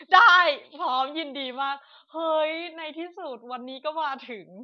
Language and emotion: Thai, happy